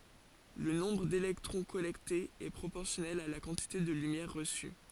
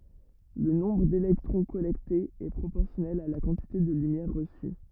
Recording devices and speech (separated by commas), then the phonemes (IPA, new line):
forehead accelerometer, rigid in-ear microphone, read sentence
lə nɔ̃bʁ delɛktʁɔ̃ kɔlɛktez ɛ pʁopɔʁsjɔnɛl a la kɑ̃tite də lymjɛʁ ʁəsy